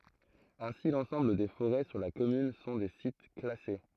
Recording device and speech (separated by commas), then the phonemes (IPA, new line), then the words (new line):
throat microphone, read sentence
ɛ̃si lɑ̃sɑ̃bl de foʁɛ syʁ la kɔmyn sɔ̃ de sit klase
Ainsi, l'ensemble des forêts sur la commune sont des sites classés.